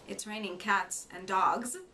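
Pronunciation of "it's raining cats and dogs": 'It's raining cats and dogs' is said here without the proper intonation.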